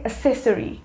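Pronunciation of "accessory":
'Accessory' is pronounced incorrectly here.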